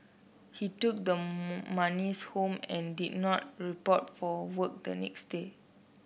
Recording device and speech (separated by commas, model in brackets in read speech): boundary microphone (BM630), read sentence